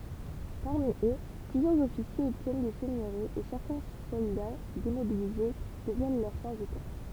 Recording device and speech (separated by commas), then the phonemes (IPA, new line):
temple vibration pickup, read sentence
paʁmi ø plyzjœʁz ɔfisjez ɔbtjɛn de sɛɲøʁiz e sɛʁtɛ̃ sɔlda demobilize dəvjɛn lœʁ sɑ̃sitɛʁ